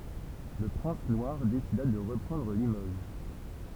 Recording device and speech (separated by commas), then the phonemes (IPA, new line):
temple vibration pickup, read sentence
lə pʁɛ̃s nwaʁ desida də ʁəpʁɑ̃dʁ limoʒ